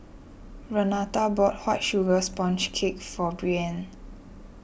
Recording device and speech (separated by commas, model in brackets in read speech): boundary microphone (BM630), read sentence